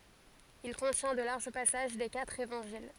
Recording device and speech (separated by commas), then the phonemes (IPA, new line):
forehead accelerometer, read sentence
il kɔ̃tjɛ̃ də laʁʒ pasaʒ de katʁ evɑ̃ʒil